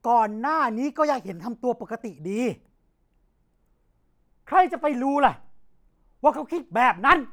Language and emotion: Thai, angry